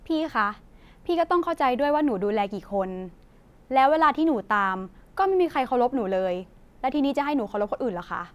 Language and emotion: Thai, frustrated